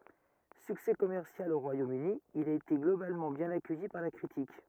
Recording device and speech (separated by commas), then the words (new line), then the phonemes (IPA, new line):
rigid in-ear microphone, read sentence
Succès commercial au Royaume-Uni, il a été globalement bien accueilli par la critique.
syksɛ kɔmɛʁsjal o ʁwajomøni il a ete ɡlobalmɑ̃ bjɛ̃n akœji paʁ la kʁitik